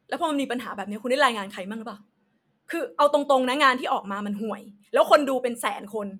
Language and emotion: Thai, angry